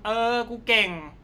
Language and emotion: Thai, frustrated